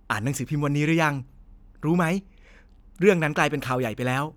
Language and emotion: Thai, happy